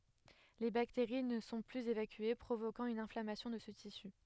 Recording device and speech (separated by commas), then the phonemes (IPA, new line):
headset microphone, read sentence
le bakteʁi nə sɔ̃ plyz evakye pʁovokɑ̃ yn ɛ̃flamasjɔ̃ də sə tisy